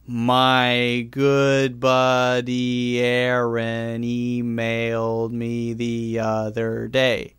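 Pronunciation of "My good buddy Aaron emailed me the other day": The sentence is said slowly, which makes it sound a bit weird. Every sound in it is voiced; there are no unvoiced sounds.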